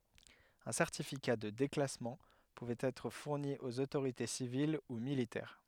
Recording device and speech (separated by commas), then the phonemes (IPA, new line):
headset microphone, read sentence
œ̃ sɛʁtifika də deklasmɑ̃ puvɛt ɛtʁ fuʁni oz otoʁite sivil u militɛʁ